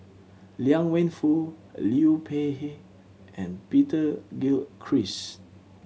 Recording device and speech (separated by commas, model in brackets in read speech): mobile phone (Samsung C7100), read sentence